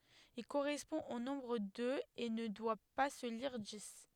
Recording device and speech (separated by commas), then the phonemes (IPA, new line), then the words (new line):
headset microphone, read sentence
il koʁɛspɔ̃ o nɔ̃bʁ døz e nə dwa pa sə liʁ dis
Il correspond au nombre deux et ne doit pas se lire dix.